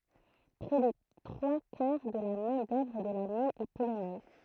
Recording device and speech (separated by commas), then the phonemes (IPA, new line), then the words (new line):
throat microphone, read sentence
pʁɛ de tʁwa kaʁ də la mɛ̃ dœvʁ də la min ɛ polonɛz
Près des trois quarts de la main-d'œuvre de la mine est polonaise.